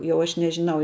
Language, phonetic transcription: Lithuanian, ˈjau ˈaš nežiˈnau

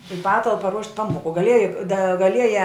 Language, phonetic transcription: Lithuanian, i ˈpatalpa ruošt' ˈpamoku gaˈlieja da gaˈlieja

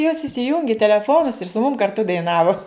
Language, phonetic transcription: Lithuanian, jos isiˈjungi teleˈfonus ir su mum karˈtu daiˈnavu

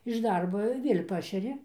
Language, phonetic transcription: Lithuanian, iš ˈdarbo ir ˈviel' ˈpašeri

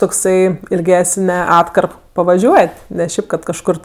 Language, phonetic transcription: Lithuanian, tokˈsai ilˈgesne ˈatkarp pavaˈžiuot' ne ˈšiaip kad kažˈkur

